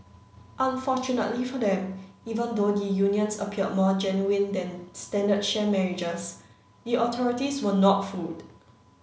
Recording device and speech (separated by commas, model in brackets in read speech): mobile phone (Samsung C9), read sentence